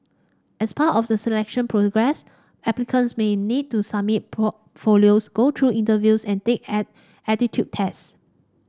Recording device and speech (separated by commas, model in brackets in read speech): standing microphone (AKG C214), read sentence